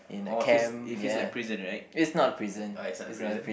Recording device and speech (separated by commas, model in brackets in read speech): boundary microphone, conversation in the same room